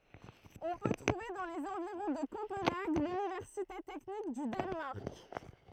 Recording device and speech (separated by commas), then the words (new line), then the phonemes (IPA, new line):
throat microphone, read sentence
On peut trouver dans les environs de Copenhague l'Université technique du Danemark.
ɔ̃ pø tʁuve dɑ̃ lez ɑ̃viʁɔ̃ də kopɑ̃naɡ lynivɛʁsite tɛknik dy danmaʁk